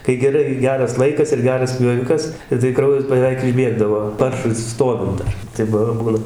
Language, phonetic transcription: Lithuanian, kai geˈrai ˈgeras ˈlaikas ir ˈgeras pjoˈvikas i tai ˈkraujas bəˈveik išˈbiegdavo ˈparšui ˈstovint dar ˈtai b ˈbūna

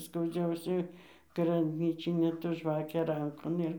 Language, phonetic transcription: Lithuanian, skauˈdžiausia grabˈnyčinė ta ˈžvakė ˈrankon ˈir

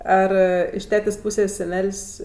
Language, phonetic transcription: Lithuanian, ˈar iš ˈtetės' ˈpūsės' seˈnel's'

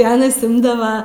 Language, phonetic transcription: Lithuanian, i ˈanas ˈimdava

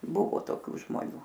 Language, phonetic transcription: Lithuanian, ˈbuvo toˈkių žmoˈnių

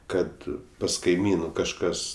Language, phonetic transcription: Lithuanian, ˈkad pas kaiˈmynu kažˈkas

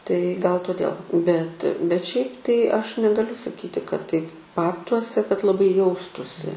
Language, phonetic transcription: Lithuanian, tai gal toˈdėl bet bet ˈšiaip tai ˈaš negaˈliu saˈkyti kad taip ˈbabtuose kad laˈbai ˈjaustųsi

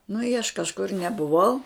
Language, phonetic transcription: Lithuanian, nu i aš kažˈkur nebuˈvau

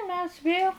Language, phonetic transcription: Lithuanian, ˈmes ˈvėl

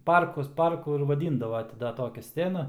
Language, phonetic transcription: Lithuanian, ˈparkus ˈparku ir vaˈdyndavo ˈti da ˈtokia ˈscena

